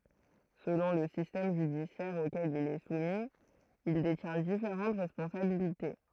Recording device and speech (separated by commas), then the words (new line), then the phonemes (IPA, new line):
throat microphone, read sentence
Selon le système judiciaire auquel il est soumis, il détient différentes responsabilités.
səlɔ̃ lə sistɛm ʒydisjɛʁ okɛl il ɛ sumi il detjɛ̃ difeʁɑ̃t ʁɛspɔ̃sabilite